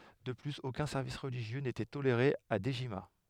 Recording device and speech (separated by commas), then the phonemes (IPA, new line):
headset microphone, read sentence
də plyz okœ̃ sɛʁvis ʁəliʒjø netɛ toleʁe a dəʒima